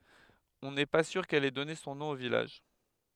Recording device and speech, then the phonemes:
headset microphone, read sentence
ɔ̃ nɛ pa syʁ kɛl ɛ dɔne sɔ̃ nɔ̃ o vilaʒ

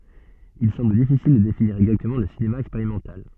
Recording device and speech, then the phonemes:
soft in-ear microphone, read sentence
il sɑ̃bl difisil də definiʁ ɛɡzaktəmɑ̃ lə sinema ɛkspeʁimɑ̃tal

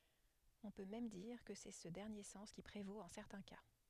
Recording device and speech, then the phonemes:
headset microphone, read sentence
ɔ̃ pø mɛm diʁ kə sɛ sə dɛʁnje sɑ̃s ki pʁevot ɑ̃ sɛʁtɛ̃ ka

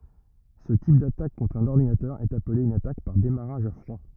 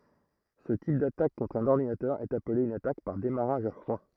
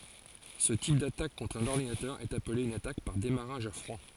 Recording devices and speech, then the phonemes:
rigid in-ear microphone, throat microphone, forehead accelerometer, read sentence
sə tip datak kɔ̃tʁ œ̃n ɔʁdinatœʁ ɛt aple yn atak paʁ demaʁaʒ a fʁwa

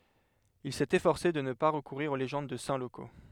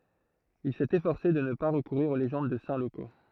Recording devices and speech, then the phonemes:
headset microphone, throat microphone, read sentence
il sɛt efɔʁse də nə pa ʁəkuʁiʁ o leʒɑ̃d də sɛ̃ loko

